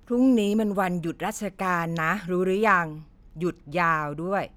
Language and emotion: Thai, frustrated